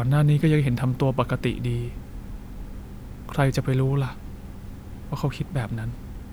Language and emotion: Thai, frustrated